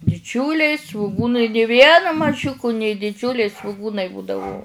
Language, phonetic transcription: Lithuanian, diˈdžiuliai svuˈgunai ni ˈviena maˈžiuku nė diˈdžiuliai svuˈgūnai ˈbūdavu

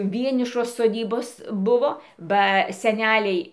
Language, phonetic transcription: Lithuanian, ˈvienišos soˈdybos ˈbuvo ba seˈneliai

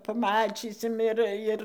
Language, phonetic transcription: Lithuanian, paˈmačysim ˈir ir

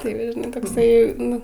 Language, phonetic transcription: Lithuanian, ˈtai va žiˈnai tokˈsai ˈnu

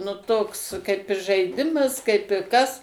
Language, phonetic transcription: Lithuanian, nu ˈtoks kaip ir žaiˈdimas kaip i ˈkas

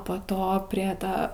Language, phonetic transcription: Lithuanian, po ˈto prie ˈta

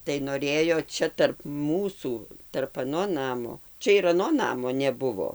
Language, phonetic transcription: Lithuanian, tai noˈrėjo ˈčia tarp ˈmūsų tarp aˈno ˈnamo ˈčia ir aˈno ˈnamo neˈbuvo

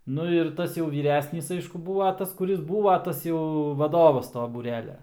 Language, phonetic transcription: Lithuanian, ˈnu ir ˈtas jau vyˈresnys ˈaišku ˈbūva ˈtas kuˈris ˈbūva ˈtas jau vaˈdovas ˈto būˈrelia

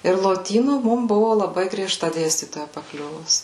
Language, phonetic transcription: Lithuanian, ir loˈtynų ˈmum ˈbuvu laˈbai grieˈžta ˈdėstytoja paˈkliuvus

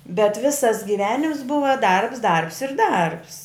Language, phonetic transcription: Lithuanian, bet ˈvisas giˈvenims ˈbuva ˈdarbs ˈdarbs ir ˈdarbs

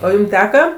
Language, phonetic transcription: Lithuanian, o ˈjūm ˈteka

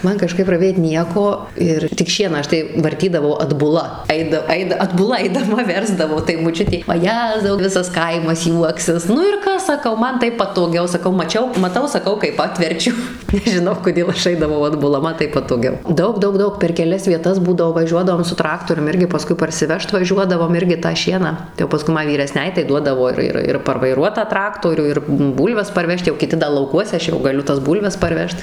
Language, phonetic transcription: Lithuanian, ˈman kaˈžkaip raˈvėt ˈnieko ˈir tik ˈšieną ˈaš tai varˈtydavau atbuˈla ˈaida ˈaida atbuˈla aidaˈma ˈversdavau tai moˈčiutė vaˈjezau ˈvisas ˈkaimas ˈjuoksis ˈnu ir ˈkas saˈkau ˈman ˈtaip patoˈgiau saˈkau maˈčiau maˈtau saˈkau kaip ˈatverčiu nežiˈnau koˈdėl ˈaš ˈaidavau adbuˈla ˈman ˈtaip patoˈgiau ˈdaug ˈdaug ˈdaug per keˈlias vieˈtas ˈbūdavo vaˈžiuodavom su ˈtraktorium ˈirgi paˈskui parsiˈvežt vaˈžiuodavom ˈirgi tą ˈšieną tai jau paˈskui ma vyreˈsnei tai ˈduodavo ir ir parvaiˈruot tą ˈtraktorių ir ˈbūlves parˈvežt jau kiˈti da lauˈkuose ˈaš jau gaˈliu tas ˈbūlves parˈvežt

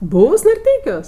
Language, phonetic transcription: Lithuanian, ˈbūvs narˈteikiuos

